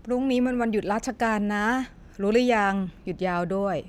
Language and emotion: Thai, neutral